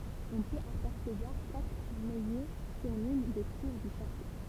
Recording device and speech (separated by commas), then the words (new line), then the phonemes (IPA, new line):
temple vibration pickup, read sentence
On peut apercevoir quatre maillets sur l'une des tours du château.
ɔ̃ pøt apɛʁsəvwaʁ katʁ majɛ syʁ lyn de tuʁ dy ʃato